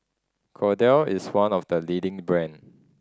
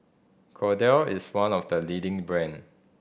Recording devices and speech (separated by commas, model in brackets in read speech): standing microphone (AKG C214), boundary microphone (BM630), read sentence